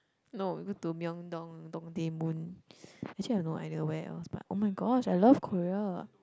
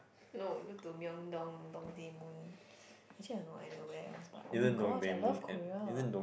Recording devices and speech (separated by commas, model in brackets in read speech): close-talking microphone, boundary microphone, conversation in the same room